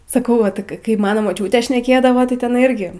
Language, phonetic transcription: Lithuanian, saˈkau ˈva ˈtɨk kai kai ˈmano moˈčiūtė šneˈkėdavo tai teˈnai ˈirgi

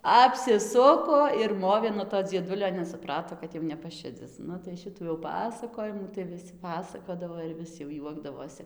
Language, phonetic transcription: Lithuanian, apsiˈsuko ir ˈmovė nuo to dzieˈdulio nes suˈprato kad ˈjau nepaˈšidzis ˈnu tai ˈšitų jau ˈpasakojimų tai viˈsi paˈsakodavo ir ˈvis jau ˈjuokdavosi

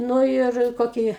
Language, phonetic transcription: Lithuanian, ˈnū ir ˈkokį

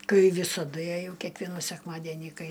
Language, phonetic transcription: Lithuanian, ˈkai ˈvysadu jeˈjau kiekˈvienų sekˈmadenį ˈkai

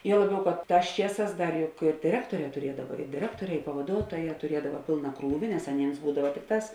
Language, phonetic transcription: Lithuanian, ˈjuo ˈlaˌbiau kad ˈtās ˈčieˌsās ˈdar juk ir diˈrektoˌrē tuˈriedava i diˈrektoˌrē i pavaˈduotoˌjē tuˈriedava ˈpėlna ˈkrūvi nes aˈnėms ˈbūdava ˈtikˌtās

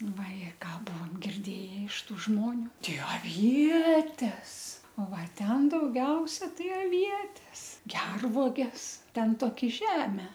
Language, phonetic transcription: Lithuanian, vaˈje ˈką ˈbuvom girˈdėje iš ˈtų ˈžmoniu ˈtei aˈvietes ˈo ˈva ˈten dauˈgiausia ˈtai aˈvietes ˈgervuoges ˈten ˈtoki ˈžeme

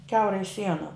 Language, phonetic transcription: Lithuanian, ˈkiaurai ˈsiena

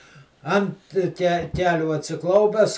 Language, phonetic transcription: Lithuanian, ˈant ke ˈkelių atsiˈklaupes

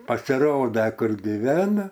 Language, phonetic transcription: Lithuanian, pasiˈroda ˈkur giˈvena

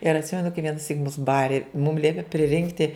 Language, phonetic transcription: Lithuanian, ir atˈsimenu kai vienaˈsyk mus ˈbari mum ˈliepi priˈrinkti

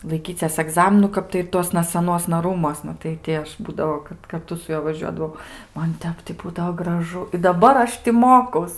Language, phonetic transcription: Lithuanian, laiˈkyces aˈgzaminu ˈkap tai ir ˈtuosna saˈnuosna ˈrūmuosna tai ˈti ˈaš ˈbūdavo kad karˈtu su ˈjuo vaˈžiuodavau ˈman ˈtep ti ˈbūdavo graˈžu i daˈbar ˈaš ti ˈmokaus

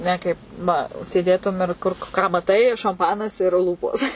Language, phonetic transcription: Lithuanian, ˈne kaip nu sėˈdėtum ir ˈkur ką maˈtai šamˈpanas ir ˈlūpos

